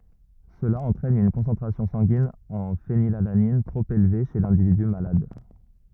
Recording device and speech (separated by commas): rigid in-ear microphone, read sentence